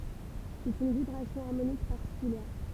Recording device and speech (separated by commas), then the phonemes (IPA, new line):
temple vibration pickup, read sentence
sɛt yn vibʁasjɔ̃ aʁmonik paʁtikyljɛʁ